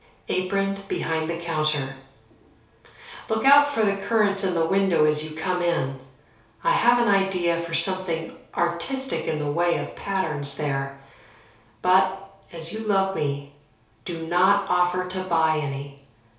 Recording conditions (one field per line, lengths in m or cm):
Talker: one person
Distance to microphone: 3.0 m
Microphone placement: far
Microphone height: 1.8 m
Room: small (3.7 m by 2.7 m)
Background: none